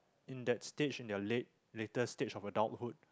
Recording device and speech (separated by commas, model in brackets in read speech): close-talking microphone, conversation in the same room